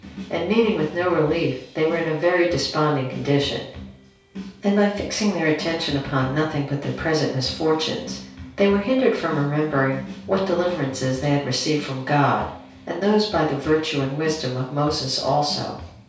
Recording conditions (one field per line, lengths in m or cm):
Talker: one person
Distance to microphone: 3.0 m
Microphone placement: far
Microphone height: 1.8 m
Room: small (3.7 m by 2.7 m)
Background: music